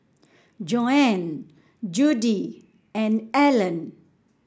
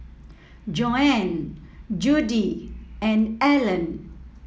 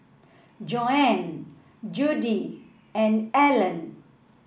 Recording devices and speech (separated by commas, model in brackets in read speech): standing microphone (AKG C214), mobile phone (iPhone 7), boundary microphone (BM630), read sentence